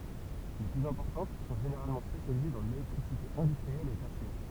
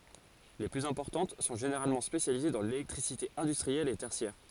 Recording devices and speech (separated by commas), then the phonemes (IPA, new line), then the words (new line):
temple vibration pickup, forehead accelerometer, read sentence
le plyz ɛ̃pɔʁtɑ̃t sɔ̃ ʒeneʁalmɑ̃ spesjalize dɑ̃ lelɛktʁisite ɛ̃dystʁiɛl e tɛʁsjɛʁ
Les plus importantes sont généralement spécialisées dans l'électricité industrielle et tertiaire.